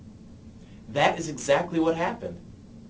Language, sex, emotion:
English
male
neutral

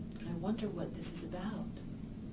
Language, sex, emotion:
English
female
fearful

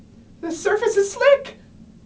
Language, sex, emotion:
English
female
fearful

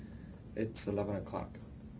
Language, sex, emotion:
English
male
neutral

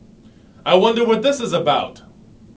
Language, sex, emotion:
English
male
angry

